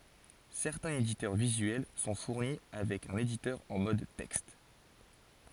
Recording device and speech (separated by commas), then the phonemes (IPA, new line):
forehead accelerometer, read sentence
sɛʁtɛ̃z editœʁ vizyɛl sɔ̃ fuʁni avɛk œ̃n editœʁ ɑ̃ mɔd tɛkst